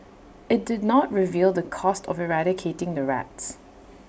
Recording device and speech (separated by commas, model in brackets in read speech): boundary microphone (BM630), read sentence